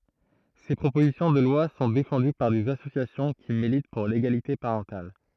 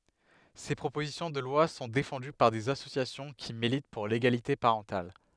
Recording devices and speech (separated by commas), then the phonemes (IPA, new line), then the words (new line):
throat microphone, headset microphone, read sentence
se pʁopozisjɔ̃ də lwa sɔ̃ defɑ̃dy paʁ dez asosjasjɔ̃ ki milit puʁ leɡalite paʁɑ̃tal
Ces propositions de loi sont défendues par des associations qui militent pour l'égalité parentale.